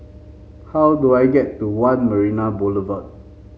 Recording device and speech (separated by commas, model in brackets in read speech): mobile phone (Samsung C5), read sentence